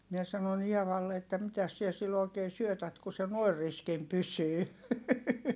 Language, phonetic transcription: Finnish, mie sanon ‿Ievalle että » mitäs siɛ sill ‿òi̮kee syötät ku se nòi̮r riskim pysyy ? »
- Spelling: minä sanoin Eevalle että mitäs sinä sille oikein syötät kun se noin riskinä pysyy

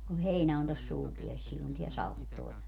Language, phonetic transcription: Finnish, kuh̆ 'heinä on tos 'suupieles sillon tiä 'salet (tul-) .
- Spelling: kun heinä on tuossa suupielessä silloin tämä sade -

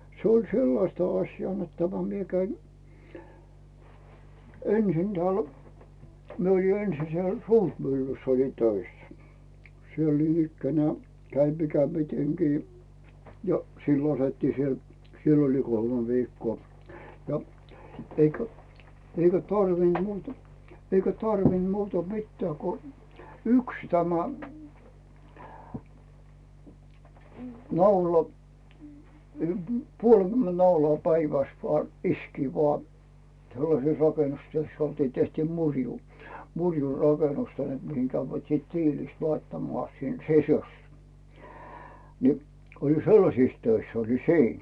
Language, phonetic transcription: Finnish, 'se oĺ "sellasta aśjaa net tämä 'mie käin , 'ensin tᵉä̀l , 'mie oli "ensi siel "Suurmyllyss ‿olin 'töissᴀ̈ , 'siel ninikkänᵉää , 'käin mikä miteŋkii , jo , 'sillo s ‿otettii siel , 'siell ‿oli 'kolmᵉ viikkoo , ja , eikä , eikä "tarvinD 'muuta , eikä "tarvinD 'muuta "mittää ku , "yks tämä , 'naula , ym- , "puol'CymmenD naulaa 'päivä̀s vᵒà , "iskii vᵒà , 'sellases rakenustyöss ‿oltii , tehtii 'muŕjuu , 'muŕju rakenustöihen , mihiŋ kävvät siit 'tiilist laittamᵒà sin "sisᴜs , ni , 'oli "sellasis 'töiss ‿olin "siin .
- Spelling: se oli sellaista asiaa että tämä minä kävin ensin täällä minä olin ensin siellä Suurmyllyssä olin töissä siellä niinikään kävin mikä mitenkin jo silloin se otettiin siellä siellä oli kolme viikkoa ja eikä eikä tarvinnut muuta eikä tarvinnut muuta mitään kuin yksi tämä naula - puolikymmentä naulaa päivässä vain iskeä vaan sellaisessa rakennustyössä oltiin tehtiin murjua murjua rakennustöihin mihin kävivät sitten tiilistä laittamaan sinne sisus niin oli sellaisissa töissä olin siinä

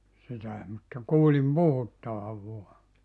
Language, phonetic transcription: Finnish, sitäe mutta 'kuulim "puhuttavav 'vua .
- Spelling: sitäkin mutta kuulin puhuttavan vain

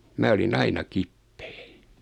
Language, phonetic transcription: Finnish, 'mä oli'n ‿aina 'kippᴇᴇ .
- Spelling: minä olin aina kipeä

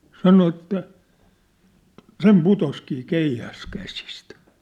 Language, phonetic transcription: Finnish, 'sano että , "sem "putoskii "keihäs 'käsistᴀ̈ .
- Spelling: sanoi että sen putosikin keihäs käsistä

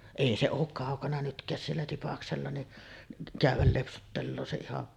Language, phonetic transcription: Finnish, 'èi se ook kàokana nytk̀ääs siellä 'Tipaksella ni’ , 'kä̀yv̆väl lepsuttelloo se ihan ,.
- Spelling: ei se ole kaukana nytkään siellä Tipaksella niin käydä lepsuttelee se ihan

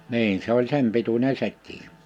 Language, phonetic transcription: Finnish, 'niin se ‿oĺ 'sem pituńe 'sek̆kii .
- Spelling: niin se oli sen pituinen sekin

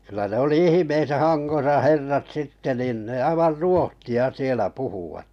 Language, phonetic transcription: Finnish, ky̆lä 'ne oli 'ihⁱmesä 'Hanɢosa 'herrat 'sitte nìn ne 'aivar "ruohti₍a sielä 'puhuwat .
- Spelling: kyllä ne oli ihmeissään Hangossa herrat sitten niin ne aivan ruotsia siellä puhuivat

